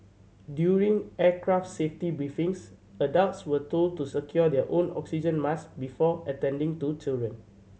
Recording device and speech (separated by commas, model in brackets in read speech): mobile phone (Samsung C7100), read sentence